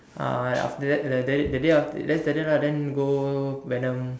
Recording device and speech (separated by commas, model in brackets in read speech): standing microphone, conversation in separate rooms